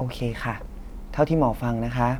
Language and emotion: Thai, neutral